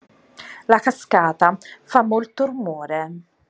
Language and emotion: Italian, neutral